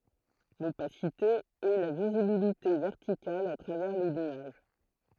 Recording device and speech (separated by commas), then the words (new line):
throat microphone, read sentence
L’opacité est la visibilité verticale à travers les nuages.